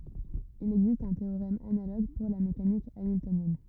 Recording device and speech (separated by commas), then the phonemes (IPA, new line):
rigid in-ear microphone, read sentence
il ɛɡzist œ̃ teoʁɛm analoɡ puʁ la mekanik amiltonjɛn